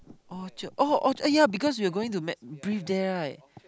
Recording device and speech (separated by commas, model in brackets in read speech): close-talking microphone, conversation in the same room